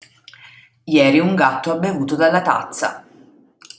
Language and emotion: Italian, neutral